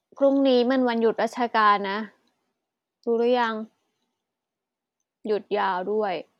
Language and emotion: Thai, frustrated